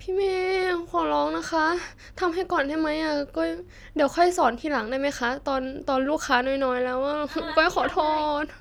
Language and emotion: Thai, sad